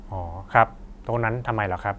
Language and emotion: Thai, neutral